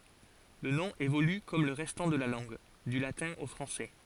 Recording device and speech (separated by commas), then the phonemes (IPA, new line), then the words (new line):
forehead accelerometer, read sentence
lə nɔ̃ evoly kɔm lə ʁɛstɑ̃ də la lɑ̃ɡ dy latɛ̃ o fʁɑ̃sɛ
Le nom évolue comme le restant de la langue, du latin au français.